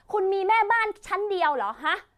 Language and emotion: Thai, angry